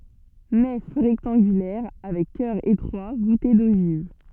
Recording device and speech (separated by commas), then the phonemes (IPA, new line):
soft in-ear microphone, read sentence
nɛf ʁɛktɑ̃ɡylɛʁ avɛk kœʁ etʁwa vute doʒiv